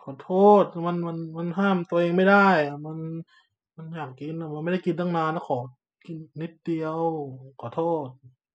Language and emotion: Thai, frustrated